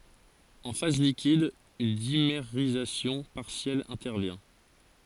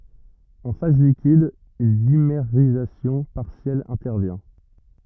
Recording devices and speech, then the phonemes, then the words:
forehead accelerometer, rigid in-ear microphone, read sentence
ɑ̃ faz likid yn dimeʁizasjɔ̃ paʁsjɛl ɛ̃tɛʁvjɛ̃
En phase liquide, une dimérisation partielle intervient.

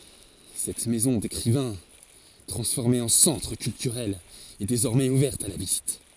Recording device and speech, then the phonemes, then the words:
forehead accelerometer, read sentence
sɛt mɛzɔ̃ dekʁivɛ̃ tʁɑ̃sfɔʁme ɑ̃ sɑ̃tʁ kyltyʁɛl ɛ dezɔʁmɛz uvɛʁt a la vizit
Cette maison d'écrivain, transformée en centre culturel, est désormais ouverte à la visite.

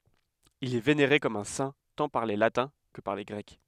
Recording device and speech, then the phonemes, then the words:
headset microphone, read sentence
il ɛ veneʁe kɔm œ̃ sɛ̃ tɑ̃ paʁ le latɛ̃ kə paʁ le ɡʁɛk
Il est vénéré comme un saint tant par les Latins que par les Grecs.

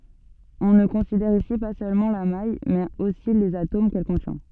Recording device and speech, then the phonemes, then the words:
soft in-ear microphone, read sentence
ɔ̃ nə kɔ̃sidɛʁ isi pa sølmɑ̃ la maj mɛz osi lez atom kɛl kɔ̃tjɛ̃
On ne considère ici pas seulement la maille mais aussi les atomes qu'elle contient.

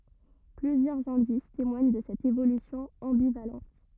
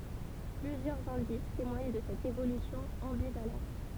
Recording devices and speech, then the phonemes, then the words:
rigid in-ear microphone, temple vibration pickup, read sentence
plyzjœʁz ɛ̃dis temwaɲ də sɛt evolysjɔ̃ ɑ̃bivalɑ̃t
Plusieurs indices témoignent de cette évolution ambivalente.

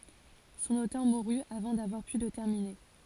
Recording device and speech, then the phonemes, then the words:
forehead accelerometer, read sentence
sɔ̃n otœʁ muʁy avɑ̃ davwaʁ py lə tɛʁmine
Son auteur mourut avant d'avoir pu le terminer.

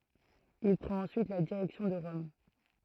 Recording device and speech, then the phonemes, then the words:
throat microphone, read sentence
il pʁɑ̃t ɑ̃syit la diʁɛksjɔ̃ də ʁɔm
Il prend ensuite la direction de Rome.

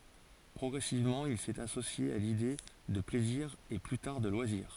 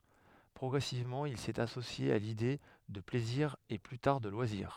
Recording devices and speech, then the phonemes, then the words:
forehead accelerometer, headset microphone, read sentence
pʁɔɡʁɛsivmɑ̃ il sɛt asosje a lide də plɛziʁ e ply taʁ də lwaziʁ
Progressivement, il s'est associé à l'idée de plaisir et plus tard de loisirs.

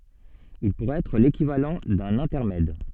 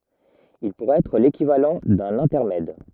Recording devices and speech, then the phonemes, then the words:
soft in-ear microphone, rigid in-ear microphone, read sentence
il puʁɛt ɛtʁ lekivalɑ̃ dœ̃n ɛ̃tɛʁmɛd
Il pourrait être l'équivalent d’un intermède.

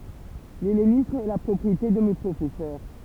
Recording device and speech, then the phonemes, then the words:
temple vibration pickup, read sentence
lɛlenism ɛ la pʁɔpʁiete də me pʁofɛsœʁ
L'hellénisme est la propriété de mes professeurs.

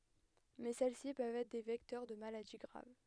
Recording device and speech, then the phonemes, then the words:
headset microphone, read sentence
mɛ sɛl si pøvt ɛtʁ de vɛktœʁ də maladi ɡʁav
Mais celles-ci peuvent être des vecteurs de maladies graves.

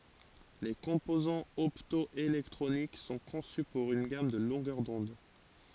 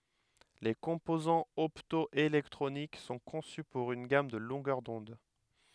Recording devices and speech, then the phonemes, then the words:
forehead accelerometer, headset microphone, read sentence
le kɔ̃pozɑ̃z ɔptɔelɛktʁonik sɔ̃ kɔ̃sy puʁ yn ɡam də lɔ̃ɡœʁ dɔ̃d
Les composants opto-électroniques sont conçus pour une gamme de longueurs d'onde.

